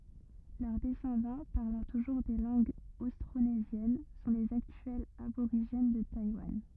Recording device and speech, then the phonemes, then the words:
rigid in-ear microphone, read sentence
lœʁ dɛsɑ̃dɑ̃ paʁlɑ̃ tuʒuʁ de lɑ̃ɡz ostʁonezjɛn sɔ̃ lez aktyɛlz aboʁiʒɛn də tajwan
Leurs descendants, parlant toujours des langues austronésiennes, sont les actuels aborigènes de Taïwan.

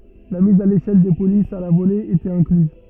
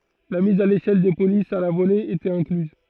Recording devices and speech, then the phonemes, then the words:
rigid in-ear microphone, throat microphone, read sentence
la miz a leʃɛl de polisz a la vole etɛt ɛ̃klyz
La mise à l'échelle des polices à la volée était incluse.

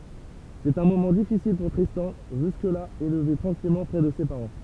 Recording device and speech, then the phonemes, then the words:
temple vibration pickup, read sentence
sɛt œ̃ momɑ̃ difisil puʁ tʁistɑ̃ ʒysk la elve tʁɑ̃kilmɑ̃ pʁɛ də se paʁɑ̃
C'est un moment difficile pour Tristan, jusque-là élevé tranquillement près de ses parents.

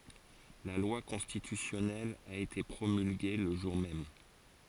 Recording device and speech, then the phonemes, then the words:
forehead accelerometer, read sentence
la lwa kɔ̃stitysjɔnɛl a ete pʁomylɡe lə ʒuʁ mɛm
La loi constitutionnelle a été promulguée le jour même.

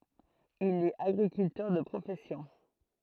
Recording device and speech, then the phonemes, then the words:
throat microphone, read sentence
il ɛt aɡʁikyltœʁ də pʁofɛsjɔ̃
Il est agriculteur de profession.

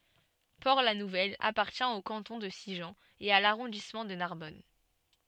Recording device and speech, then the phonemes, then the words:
soft in-ear microphone, read sentence
pɔʁtlanuvɛl apaʁtjɛ̃ o kɑ̃tɔ̃ də siʒɑ̃ e a laʁɔ̃dismɑ̃ də naʁbɔn
Port-la-Nouvelle appartient au canton de Sigean et à l'arrondissement de Narbonne.

